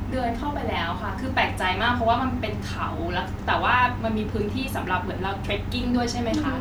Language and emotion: Thai, neutral